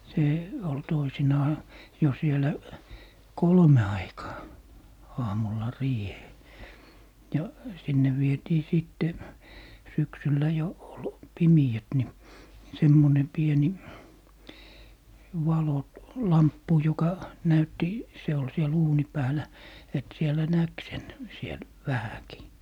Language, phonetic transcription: Finnish, 'se , ol 'toisinaa , jo sielä , "kolme aikaa , 'aamulla 'riihee , ja , 'sinne vietii 'sìtte , 'syksyllä jo , ol "pimi₍ät ni , 'semmone 'pieni , 'valo- , "-lamppu joka , 'näytti , 'se ol siɛl "uuni 'päälä , et 'sielä "näk sen , 'siel , 'vähäki .
- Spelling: se oli toisinaan jo siellä kolmen aikaan aamulla riiheen ja sinne vietiin sitten syksyllä jo oli pimeät niin semmoinen pieni - valolamppu joka näytti se oli siellä uunin päällä että siellä näki sen siellä vähänkin

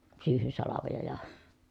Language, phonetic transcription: Finnish, syyhysalavoja ja ,.
- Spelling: syyhysalvoja ja

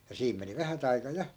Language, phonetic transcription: Finnish, ja 'siim meni "vähät ‿aika 'ja .
- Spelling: ja siinä meni vähät aika ja

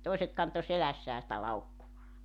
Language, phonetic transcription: Finnish, 'tòiset 'kanto 'selässää sⁱtä 'laukkuvaa .
- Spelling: toiset kantoi selässään sitä laukkuaan

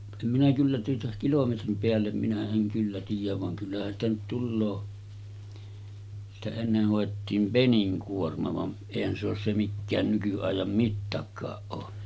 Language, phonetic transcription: Finnish, em minä 'kyllä tuota 'kilometrim peällem minä 'eŋ kyllä tiijäv vaŋ 'kyllähän ‿stä nyt tulloo , sitä enneh hòettiim "peniŋkuorma vam̳§ , 'èihän se ‿os se 'mikkään nyky₍àijam 'mittakaaˀ ˀoo .
- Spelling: en minä kyllä tuota kilometrin päälle minä en kyllä tiedä vaan kyllähän sitä nyt tulee sitä ennen hoettiin peninkuorma vaan eihän se ole se mikään nykyajan mittakaan ole

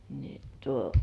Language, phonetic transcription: Finnish, ni tuo ,.
- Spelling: niin tuo

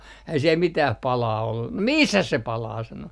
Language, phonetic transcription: Finnish, äi siel 'mitäh "palaa 'ollu , » no "missäs 'se 'palaa » sano .
- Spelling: ei siellä mitään paloa ollut no missäs se palaa sanoi

